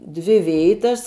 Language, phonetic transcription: Lithuanian, ˈdvi ˈvėitas

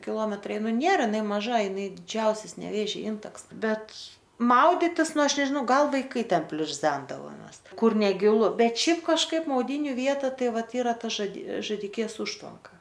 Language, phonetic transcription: Lithuanian, kiˈlometrai ˈnu ˈnėra iˈnai maˈža iˈnai diˈdžiausias neˈvėžia ˈintaks ˈbet ˈmauditis ˈnu ˈaš nežiˈnau ˈgal vaiˈkai ˈten pliurˈzendavomes ˈkur neˈgilu ˈbet ˈšiaip kažˈkaip mauˈdyniu ˈvieta ˈtai ˈvat ˈyra pažadė žaˈdikės ˈužtvanka

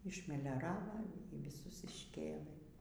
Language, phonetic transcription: Lithuanian, išmelioˈrava y viˈsus išˈkėlɘ

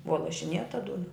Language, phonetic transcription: Lithuanian, ˈbua lašiˈnėta ˈduna

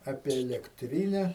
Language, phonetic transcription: Lithuanian, ˈapie elekˈtryne

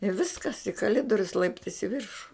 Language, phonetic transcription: Lithuanian, i ˈviskas i kaˈlidorius ˈlaiptais i ˈviršu

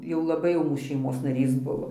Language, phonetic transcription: Lithuanian, jau laˈbai jau šeiˈmos naˈrys ˈbuvo

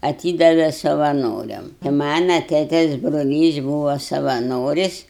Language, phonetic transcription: Lithuanian, aˈtydave savaˈnoriam i ˈmana ˈtėtės broˈlys ˈbūvo savaˈnoris'

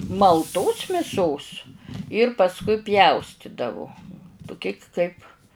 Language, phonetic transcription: Lithuanian, malˈtos miˈsos ir pasˈkui ˈpjaustidavu tuˈki kaip

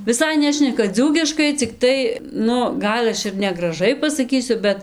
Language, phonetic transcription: Lithuanian, viˈsai ˈnešneka ˈdzūkiškai cikˈtai ˈnu ˈgal aš ir negraˈžai pasaˈkysiu ˈbet

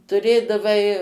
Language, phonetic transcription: Lithuanian, tuˈrėdavai

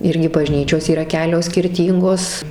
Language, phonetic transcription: Lithuanian, ˈirgi baˈžnyčios yˈra ˈkelios skirˈtyngos

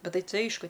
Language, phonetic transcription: Lithuanian, ˈbet ˈtai ˈtai ˈaišku

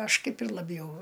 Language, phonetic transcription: Lithuanian, ˈaš ˈkaip ir laˈbjau

